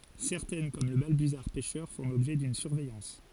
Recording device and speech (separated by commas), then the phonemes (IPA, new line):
forehead accelerometer, read sentence
sɛʁtɛn kɔm lə balbyzaʁ pɛʃœʁ fɔ̃ lɔbʒɛ dyn syʁvɛjɑ̃s